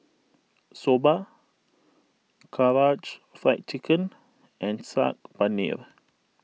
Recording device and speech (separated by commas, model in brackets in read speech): mobile phone (iPhone 6), read sentence